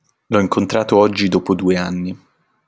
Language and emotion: Italian, neutral